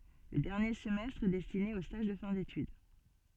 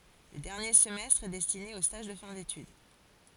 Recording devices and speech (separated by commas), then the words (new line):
soft in-ear microphone, forehead accelerometer, read sentence
Le dernier semestre est destiné aux stages de fin d'étude.